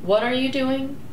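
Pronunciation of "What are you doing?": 'What are you doing?' is said as a question with a falling intonation.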